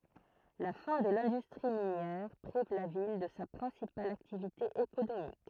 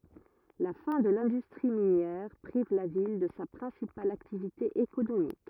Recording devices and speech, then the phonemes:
throat microphone, rigid in-ear microphone, read sentence
la fɛ̃ də lɛ̃dystʁi minjɛʁ pʁiv la vil də sa pʁɛ̃sipal aktivite ekonomik

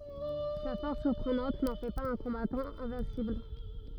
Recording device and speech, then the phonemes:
rigid in-ear microphone, read sentence
sa fɔʁs syʁpʁənɑ̃t nɑ̃ fɛ paz œ̃ kɔ̃batɑ̃ ɛ̃vɛ̃sibl

